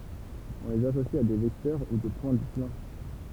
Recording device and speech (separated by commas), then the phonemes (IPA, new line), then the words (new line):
temple vibration pickup, read sentence
ɔ̃ lez asosi a de vɛktœʁ u de pwɛ̃ dy plɑ̃
On les associe à des vecteurs ou des points du plan.